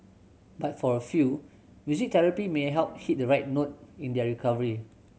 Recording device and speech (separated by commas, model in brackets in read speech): mobile phone (Samsung C7100), read sentence